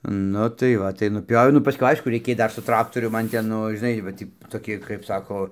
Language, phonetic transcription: Lithuanian, ˈnu tai ˈva tai nuˈpioviau nu paˈskui ˈaišku reiˈkėj ˈdar su ˈtraktorium ˈman ˈten ˈnu žiˈnai va ˈtį toˈki kaip ˈsako

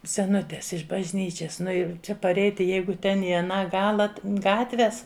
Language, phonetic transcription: Lithuanian, seˈnutės iš bažˈnyčias ˈnu jau ˈčia paˈreiti ˈjeigu ˈten i aˈną ˈgala t ˈgatves

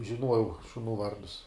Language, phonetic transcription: Lithuanian, žiˈnuojau šuˈnų ˈvardus

